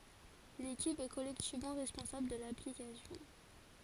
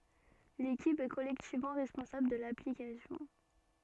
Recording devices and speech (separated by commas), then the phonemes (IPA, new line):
forehead accelerometer, soft in-ear microphone, read sentence
lekip ɛ kɔlɛktivmɑ̃ ʁɛspɔ̃sabl də laplikasjɔ̃